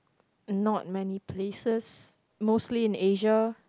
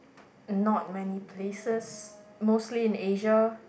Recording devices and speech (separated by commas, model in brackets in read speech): close-talking microphone, boundary microphone, conversation in the same room